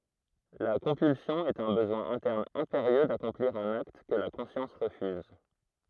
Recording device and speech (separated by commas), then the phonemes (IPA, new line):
throat microphone, read sentence
la kɔ̃pylsjɔ̃ ɛt œ̃ bəzwɛ̃ ɛ̃tɛʁn ɛ̃peʁjø dakɔ̃pliʁ œ̃n akt kə la kɔ̃sjɑ̃s ʁəfyz